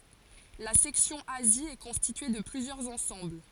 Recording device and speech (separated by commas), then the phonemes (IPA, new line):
forehead accelerometer, read sentence
la sɛksjɔ̃ azi ɛ kɔ̃stitye də plyzjœʁz ɑ̃sɑ̃bl